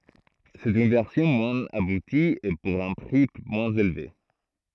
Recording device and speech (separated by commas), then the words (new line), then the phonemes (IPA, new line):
throat microphone, read sentence
C'est une version moins aboutie, et pour un prix moins élevé.
sɛt yn vɛʁsjɔ̃ mwɛ̃z abuti e puʁ œ̃ pʁi mwɛ̃z elve